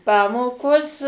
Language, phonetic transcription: Lithuanian, ˈpamokos

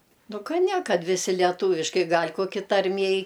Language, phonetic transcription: Lithuanian, ˈnu ˈka ˈne ˈkad viˈsi leˈtūviškai ˈgal' koˈki tarˈmiej

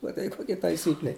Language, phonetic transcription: Lithuanian, maˈtai koˈkia taiˈsykle

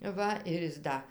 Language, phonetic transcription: Lithuanian, ˈva ir ˈjis ˈda

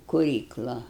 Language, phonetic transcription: Lithuanian, kuˈrykla

